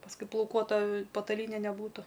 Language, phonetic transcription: Lithuanian, pasˈkui plauˈkuota pataˈlyne neˈbūtu

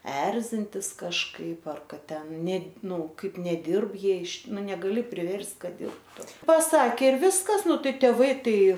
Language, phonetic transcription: Lithuanian, ˈerzintis kažˈkaip ˈar ˈkad ˈten ˈne ˈnu ˈkaip neˈdirb ˈjie iš ˈnu negaˈli priverst' ˈkad ˈdirbtu paˈsakė ir ˈviskas ˈnu ˈtai tėˈvai ˈtai

